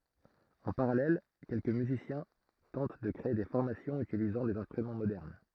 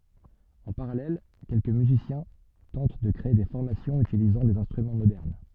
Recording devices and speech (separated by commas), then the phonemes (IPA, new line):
throat microphone, soft in-ear microphone, read sentence
ɑ̃ paʁalɛl kɛlkə myzisjɛ̃ tɑ̃t də kʁee de fɔʁmasjɔ̃z ytilizɑ̃ dez ɛ̃stʁymɑ̃ modɛʁn